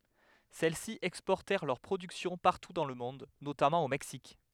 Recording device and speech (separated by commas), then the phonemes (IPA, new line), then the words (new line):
headset microphone, read sentence
sɛlɛsi ɛkspɔʁtɛʁ lœʁ pʁodyksjɔ̃ paʁtu dɑ̃ lə mɔ̃d notamɑ̃ o mɛksik
Celles-ci exportèrent leur production partout dans le monde, notamment au Mexique.